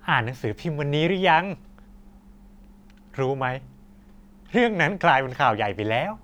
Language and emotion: Thai, happy